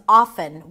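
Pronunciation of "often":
'Often' is pronounced without the T sound.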